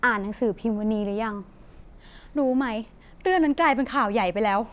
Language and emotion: Thai, frustrated